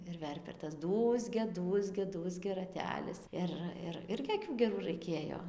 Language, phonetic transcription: Lithuanian, ir ˈverpia ir tas ˈdūzgia ˈdūzgia ˈdūzgia raˈtelis ˈir ir ˈirgi aˈkių geˈrų raiˈkėjo

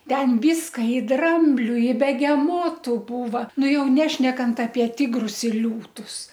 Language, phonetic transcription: Lithuanian, ˈten ˈvyska i ˈdrambliu i begeˈmotu ˈbūva ˈnu ˈjau ˈnešnekant apie ˈtigrus ir ˈliūtus

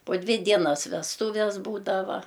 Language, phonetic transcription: Lithuanian, po ˈdvi ˈdienas vesˈtūves ˈbūdava

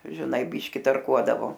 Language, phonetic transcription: Lithuanian, žiˈnai ˈbyški tarˈkuodavo

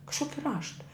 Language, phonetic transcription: Lithuanian, kažˈkoki ˈrašta

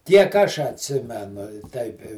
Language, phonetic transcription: Lithuanian, ˈtiek ˈaš atˈsimenu i ˈteip i

